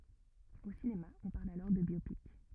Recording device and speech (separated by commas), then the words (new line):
rigid in-ear microphone, read sentence
Au cinéma, on parle alors de biopic.